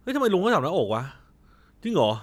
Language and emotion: Thai, frustrated